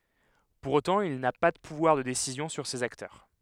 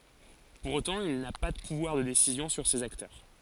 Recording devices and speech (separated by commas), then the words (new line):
headset microphone, forehead accelerometer, read sentence
Pour autant, il n'a pas de pouvoir de décisions sur ces acteurs.